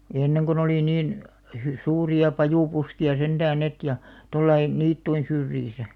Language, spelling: Finnish, ja ennen kun oli niin - suuria pajupuskia sentään ne ja tuolla lailla niittyjen syrjissä
- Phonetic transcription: ʲᵃ 'enneŋ kon ‿olì 'niin , hy- 'suuri₍a 'pajùpuski₍a sentään 'net ja , 'tollai , 'niittuin 'syrjisä .

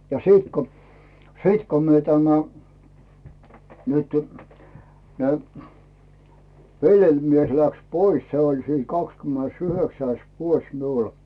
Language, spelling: Finnish, ja sitten kun sitten kun me tämä nyt ne velimies läksi pois se oli siinä kahdeskymmenesyhdeksäs vuosi minulla
- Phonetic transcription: ja 'siit ko , 'siit ko myö tämä , nytʏ , ne , 'veĺjeĺmies läks "pois se oĺ siin 'kakskymmenes"yhöksäis 'vuos 'miul .

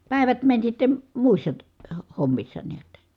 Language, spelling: Finnish, päivät meni sitten muissa - - hommissa näet
- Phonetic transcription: pä̀i̮vät mäń sitte , muissa ty- , ho- hommissa niät .

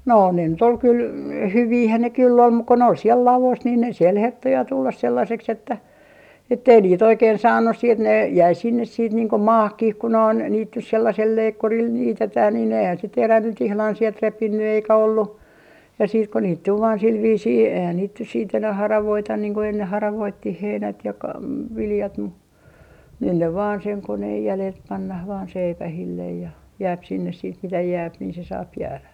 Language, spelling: Finnish, no ne nyt oli kyllä hyviähän ne kyllä on mutta kun ne oli siellä ladossa niin siellä herttoo ja tulla sellaiseksi että että ei niitä oikein saanut sitten ne jäi sinne sitten niin kuin maahankin kun noin niitä nyt sellaisella leikkurilla niitetään niin eihän se terä nyt ihan sieltä repinyt eikä ollut ja sitten kun niitä tuli vain sillä viisiin eihän niitä nyt sitten enää haravoida niin kuin enne haravoitiin heinät ja - viljat mutta nyt ne vain sen koneen jäljiltä pannaan vain seipäille ja jää sinne sitten mitä jää niin se saa jäädä
- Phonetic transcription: 'no ne nyt ‿ol kyl , "hyviihän ne kyll ‿om muk ko ne ol siel "lalos nii siel 'hertto ja 'tullas 'sellaseks että , ettei 'niit 'oikeen 'saannus siit ne , jäi sinnes siit niiŋ ko "maahkih ku noin niit nys 'sellasel 'leikkuril 'niitetää niin ‿eihän se 'terä nyt ihlan sielt 'repinny eikä ollu , ja siit ko niit tul vaan sil viisii eihän niit nyt siit enäh "haravoitan niiŋ ko enneh "haravoittih 'heinät ja ka- , 'viljat mu , 'nyn ne vaan seŋ 'koneej 'jälelt 'pannah vaan "seipähillej ja , 'jääp sinnes siit mitä 'jääp nii se 'saap 'jäälä .

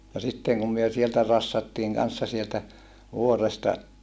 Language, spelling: Finnish, ja sitten kun me sieltä rassattiin kanssa sieltä vuoresta
- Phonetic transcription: ja sittèŋ kum myö sieltä rassattiiŋ kanssa sieltä , vuoresta ,.

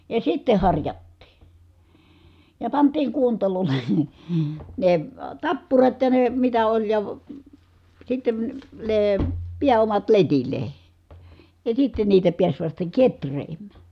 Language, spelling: Finnish, ja sitten harjattiin ja pantiin kuontaloille ne tappurat ja ne mitä oli ja sitten ne pääomat letille ja sitten niitä pääsi vasta kehräämään
- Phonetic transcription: ja sitte harjattii , ja pant̀iiŋ kuontalol̀E , ne , tappurat ja ne mitä oĺ ja , sitten , nee , piä₍omat letil̆le , ja sitten niitä piäs vasta ketr̀eem̀Ä .

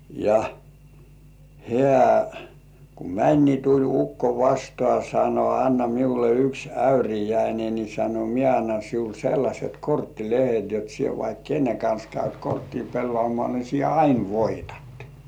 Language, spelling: Finnish, ja hän kun meni niin tuli ukko vastaan sanoi anna minulle yksi äyriäinen niin sanoi minä annan sinulle sellaiset korttilehdet jotta sinä vaikka kenen kanssa käyt korttia pelaamaan niin sinä aina voitat
- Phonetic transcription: ja , "hĕä̀ , ku "mäń ni tuĺ 'ukko vastŏà sano » anna miule yks "äyrijäine ni « sano » 'mie annan siul 'sellaśet "korttilehet jot sie vaik "kenne kans käyt 'korttii pelloàmŏà ni sie "ain 'voitᴀt « .

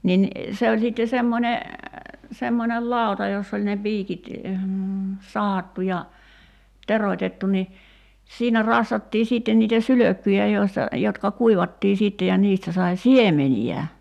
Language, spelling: Finnish, niin se oli sitten semmoinen semmoinen lauta jossa oli ne piikit sahattu ja teroitettu niin siinä rassattiin sitten niitä sylkkyjä joista jotka kuivattiin sitten ja niistä sai siemeniä
- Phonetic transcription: 'nin , 'se oĺ sitte 'semmońe , 'semmonel "làu̬ta joss ‿oĺ ne 'piikit , 'sahattu ja , 'teroⁱtettu ni , 'siinä 'rassattii 'siitten niitä "sylökkyjä joista , jotka 'kuivattii 'siitte ja 'niistä sai "siemeni₍ä .

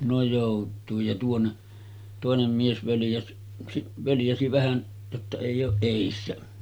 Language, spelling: Finnish, no joutuin ja tuonne toinen mies - - völjäsi vähän jotta ei ole edessä
- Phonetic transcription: no 'jòut̆tuij ja tuonne , 'tòenem mies völjäs- , si-ˀ , 'völjäsi 'vähän , jotta èij ‿ooˀ 'ˀèissä .

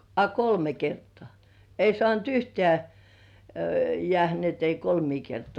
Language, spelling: Finnish, a kolme kertaa ei saanut yhtään jäädä niin että ei kolmea kertaa
- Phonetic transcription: a "kolme "kertŏà , ei sŏànt "yhteä , 'jĕä̀hä ni ‿et ei "kolmii 'kertŏà .

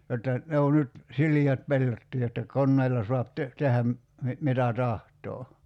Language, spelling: Finnish, jotta ne on nyt sileät pellotkin jotta koneilla saa - tehdä - mitä tahtoo
- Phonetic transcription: jotta , 'ne o nyt , 'siliät "pellottii jotta "konneilla soap te- , 'tehäm , mi- , 'mitä "tahtoo .

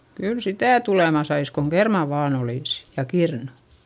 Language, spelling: Finnish, kyllä sitä tulemaan saisi kun kermaa vain olisi ja kirnu
- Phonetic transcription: kyl sitä̀ tulema sais koŋ kermà vaan ‿olìsI , ja kirnU .

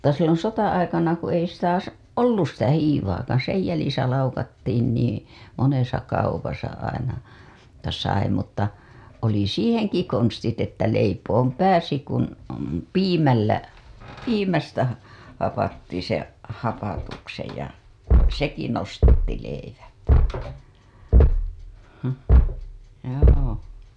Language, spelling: Finnish, mutta silloin sota-aikana kun ei sitä - ollut sitä hiivaakaan sen jäljissä laukattiin niin monessa kaupassa aina - sai mutta oli siihenkin konstit että leipomaan pääsi kun piimällä piimästä - hapatti sen hapatuksen ja sekin nostatti leivän mm joo
- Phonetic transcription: (mut)ta silloo̰ 'sota‿aikana ku ei sitä sa- , "ollus sitä 'hiivaakaaa̰ 'sej jälisä 'laukattiin niiḭ , 'monesa kaupasa aina , -ta sai mutta , oli "siiheŋki konstit että leipoom "pääsi kun , "piimällä , "piimästä ha- , hapatti seḛ , 'hapatuksej ja , "seki nostatti leiväN , həmh , joo .

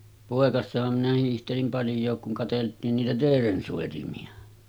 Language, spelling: Finnish, poikasenahan minä hiihtelin paljonkin kun katseltiin niitä teeren soitimia
- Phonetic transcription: 'pòekassaham minä hiihtelim 'palj̆jook kuŋ katelt̀iin niitä 'teeren sòitimi₍a .

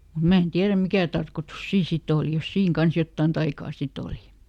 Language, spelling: Finnish, mutta minä en tiedä mikä tarkoitus siinä sitten oli jos siinä kanssa jotakin taikaa sitten oli
- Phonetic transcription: mu ˈmä en ˈtiäräm "mikä̀ tarkotus ˈsiin siˈt ‿òli jos ˈsiiŋ ˈkans "jottàn taikaa ˈsit ‿òli .

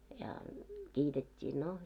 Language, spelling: Finnish, ja kiitettiin no
- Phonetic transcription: ja , 'kiitet́t́ii , no .

